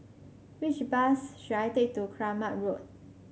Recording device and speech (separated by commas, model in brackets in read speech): mobile phone (Samsung C5), read sentence